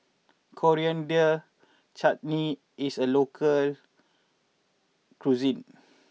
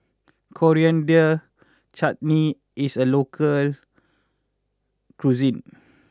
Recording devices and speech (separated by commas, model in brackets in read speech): mobile phone (iPhone 6), close-talking microphone (WH20), read sentence